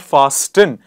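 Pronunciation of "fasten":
'Fasten' is pronounced incorrectly here.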